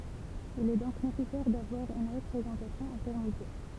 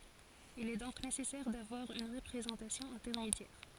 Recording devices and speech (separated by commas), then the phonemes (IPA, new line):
temple vibration pickup, forehead accelerometer, read sentence
il ɛ dɔ̃k nesɛsɛʁ davwaʁ yn ʁəpʁezɑ̃tasjɔ̃ ɛ̃tɛʁmedjɛʁ